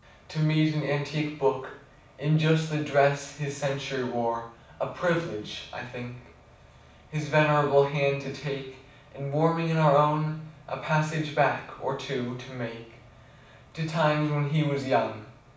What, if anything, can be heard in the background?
Nothing.